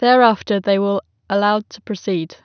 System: none